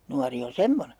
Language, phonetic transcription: Finnish, 'nuari on "semmone .
- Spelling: nuori on semmoinen

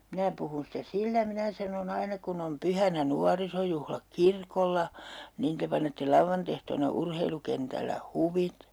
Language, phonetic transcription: Finnish, » 'minä puhun sitä 'sillä » 'minä sanon ‿ » 'aina kun ‿om 'pyhänä "nuarisojuhlak "kirkolla , niin 'te panette 'lauvvantehtoona 'urheilukentällä "huvit » .
- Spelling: minä puhun sitä sillä minä sanoin aina kun on pyhänä nuorisojuhlat kirkolla niin te panette lauantaiehtoona urheilukentällä huvit

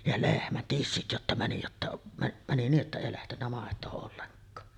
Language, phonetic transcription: Finnish, ja 'lehmän "tissit jotta 'mäni jotta mä- mäni nii’ ’että 'èi lähtennä màet̀oo olleŋk̀aa .
- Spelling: ja lehmän tissit jotta meni jotta - meni niin että ei lähtenyt maitoa ollenkaan

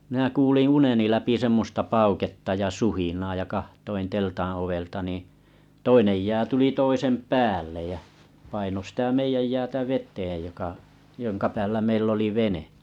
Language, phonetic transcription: Finnish, 'minä 'kuuliⁱ̰ "uneni läpi 'semmosta 'pauketta ja "suhinaa ja 'kaht̀oin 'teltaa̰ ovelta niiḭ , 'toinej jää tuli 'toisem "päällej jä , paino sⁱtä 'meijäj 'jäätä vet̀eej joka , 'joŋka päällä meill ‿oli 'vene .
- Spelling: minä kuulin uneni läpi semmoista pauketta ja suhinaa ja katsoin teltan ovelta niin toinen jää tuli toisen päälle ja painoi sitä meidän jäätä veteen joka jonka päällä meillä oli vene

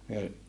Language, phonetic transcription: Finnish, myö ,.
- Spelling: me

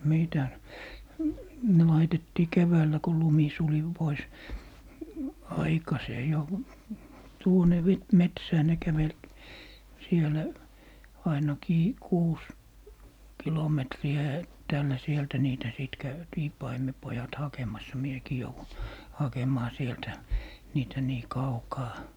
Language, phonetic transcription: Finnish, 'mitäs , ne 'laitettii "keväällä ko "lumi 'suli 'pois , "aikasee 'jo , 'tuone 'vit - "metsää ne 'kävel , 'sielä , 'ainakii "kuus , 'kilometri₍ä 'ettäällä 'sieltä niitä 'sìt 'käytii 'paimepojat "hakemassa 'miekii 'jouvun , "hakem̀aa 'sieltä , 'niitä nii "kaukaa .
- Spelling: mitäs ne laitettiin keväällä kun lumi suli pois aikaiseen jo tuonne metsään ne käveli siellä ainakin kuusi kilometriä etäällä sieltä niitä sitten käytiin paimenpojat hakemassa minäkin jouduin hakemaan sieltä niitä niin kaukaa

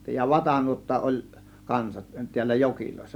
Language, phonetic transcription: Finnish, ja "vatanuotta ˀol , 'kansat , tiällä "jokilòėssa .
- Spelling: ja vatanuotta oli kanssa täällä joissa

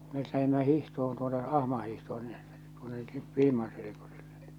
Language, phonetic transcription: Finnish, met lähimmä 'hihtohon tuonne "ahma hihtohon sɪɴɴᴇ , tuonne , 'Vil̬iman selekosilʟᴇɴ ɴɪɴ .
- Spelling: me lähdimme hiihtoon tuonne ahman hiihtoon sinne tuonne Vilman selkosille niin

